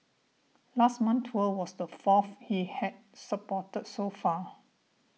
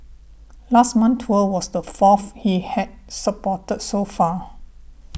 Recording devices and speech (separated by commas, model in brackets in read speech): mobile phone (iPhone 6), boundary microphone (BM630), read sentence